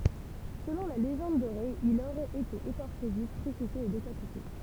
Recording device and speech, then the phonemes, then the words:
temple vibration pickup, read sentence
səlɔ̃ la leʒɑ̃d doʁe il oʁɛt ete ekɔʁʃe vif kʁysifje e dekapite
Selon la Légende dorée, il aurait été écorché vif, crucifié et décapité.

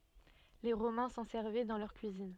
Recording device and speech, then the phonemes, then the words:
soft in-ear microphone, read sentence
le ʁomɛ̃ sɑ̃ sɛʁvɛ dɑ̃ lœʁ kyizin
Les Romains s'en servaient dans leur cuisine.

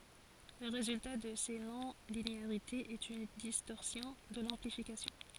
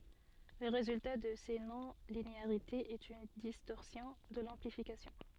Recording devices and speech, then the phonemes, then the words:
forehead accelerometer, soft in-ear microphone, read sentence
lə ʁezylta də se nɔ̃lineaʁitez ɛt yn distɔʁsjɔ̃ də lɑ̃plifikasjɔ̃
Le résultat de ces non-linéarités est une distorsion de l'amplification.

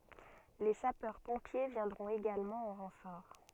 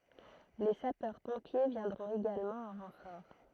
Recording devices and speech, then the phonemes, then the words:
soft in-ear microphone, throat microphone, read sentence
le sapœʁ pɔ̃pje vjɛ̃dʁɔ̃t eɡalmɑ̃ ɑ̃ ʁɑ̃fɔʁ
Les Sapeurs-Pompiers viendront également en renfort.

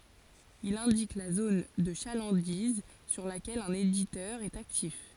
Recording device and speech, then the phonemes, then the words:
forehead accelerometer, read sentence
il ɛ̃dik la zon də ʃalɑ̃diz syʁ lakɛl œ̃n editœʁ ɛt aktif
Il indique la zone de chalandise sur laquelle un éditeur est actif.

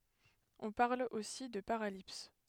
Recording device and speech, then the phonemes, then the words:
headset microphone, read sentence
ɔ̃ paʁl osi də paʁalips
On parle aussi de paralipse.

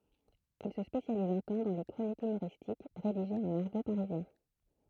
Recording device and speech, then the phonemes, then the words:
throat microphone, read sentence
il sə spesjaliz œ̃ tɑ̃ dɑ̃ le kʁonikz ymoʁistik ʁediʒez ɑ̃n aʁɡo paʁizjɛ̃
Il se spécialise un temps dans les chroniques humoristiques rédigées en argot parisien.

